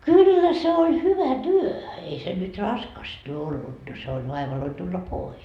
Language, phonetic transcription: Finnish, "kyllä se oĺ hyvä "työ , ei se nyt "raskasta ollut no se oĺ vaivaloi tulla "pois .
- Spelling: kyllä se oli hyvä työ ei se nyt raskasta ollut no se oli vaivalloinen tulla pois

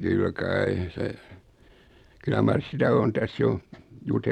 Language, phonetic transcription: Finnish, 'kyl 'kai , se , 'kyllä mars 'sitä on 'täs 'jo , 'jute- .
- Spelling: kyllä kai se kyllä mar sitä on tässä jo -

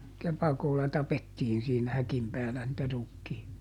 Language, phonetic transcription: Finnish, ˈkepakolla ˈtapettiin siinä ˈhäkim ˈpäälä nⁱtä ˈrukkii- .
- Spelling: kepakolla tapettiin siinä häkin päällä niitä -

